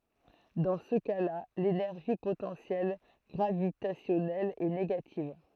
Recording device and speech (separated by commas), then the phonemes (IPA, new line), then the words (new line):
throat microphone, read sentence
dɑ̃ sə kasla lenɛʁʒi potɑ̃sjɛl ɡʁavitasjɔnɛl ɛ neɡativ
Dans ce cas-là, l'énergie potentielle gravitationnelle est négative.